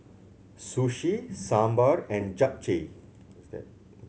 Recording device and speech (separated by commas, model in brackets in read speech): mobile phone (Samsung C7100), read sentence